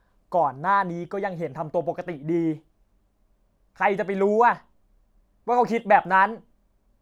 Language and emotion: Thai, angry